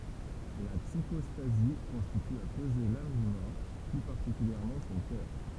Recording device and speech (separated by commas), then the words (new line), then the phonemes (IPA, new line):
temple vibration pickup, read sentence
La psychostasie consiste à peser l'âme du mort, plus particulièrement son cœur.
la psikɔstazi kɔ̃sist a pəze lam dy mɔʁ ply paʁtikyljɛʁmɑ̃ sɔ̃ kœʁ